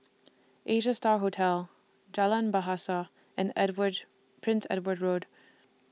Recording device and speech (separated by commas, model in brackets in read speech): mobile phone (iPhone 6), read sentence